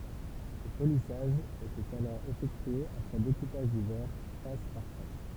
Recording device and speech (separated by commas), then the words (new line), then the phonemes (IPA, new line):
temple vibration pickup, read sentence
Le polissage était alors effectué après découpage du verre, face par face.
lə polisaʒ etɛt alɔʁ efɛktye apʁɛ dekupaʒ dy vɛʁ fas paʁ fas